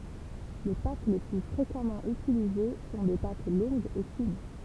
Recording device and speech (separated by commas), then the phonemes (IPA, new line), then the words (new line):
temple vibration pickup, read sentence
le pat le ply fʁekamɑ̃ ytilize sɔ̃ de pat lɔ̃ɡz e fin
Les pâtes les plus fréquemment utilisées sont des pâtes longues et fines.